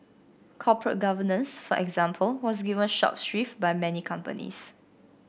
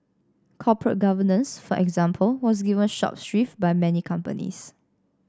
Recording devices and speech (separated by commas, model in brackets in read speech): boundary microphone (BM630), standing microphone (AKG C214), read sentence